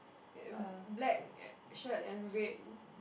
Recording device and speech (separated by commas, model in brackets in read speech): boundary microphone, conversation in the same room